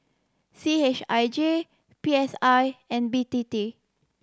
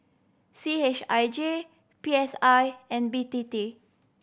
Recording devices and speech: standing microphone (AKG C214), boundary microphone (BM630), read sentence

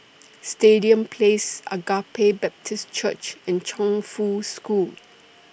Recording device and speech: boundary microphone (BM630), read sentence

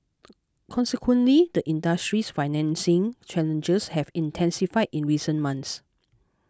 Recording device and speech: close-talking microphone (WH20), read sentence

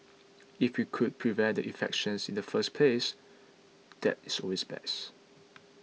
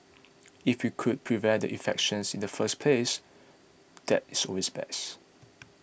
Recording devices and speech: mobile phone (iPhone 6), boundary microphone (BM630), read sentence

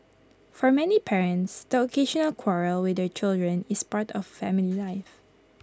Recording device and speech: close-talking microphone (WH20), read sentence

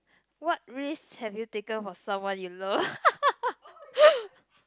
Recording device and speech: close-talking microphone, conversation in the same room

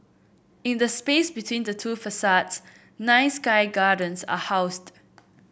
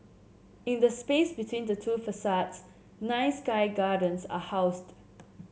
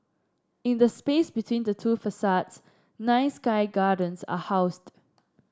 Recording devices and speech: boundary microphone (BM630), mobile phone (Samsung C7), standing microphone (AKG C214), read sentence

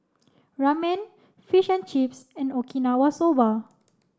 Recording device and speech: standing microphone (AKG C214), read sentence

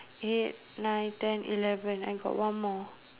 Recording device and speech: telephone, conversation in separate rooms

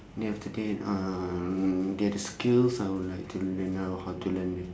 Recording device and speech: standing microphone, conversation in separate rooms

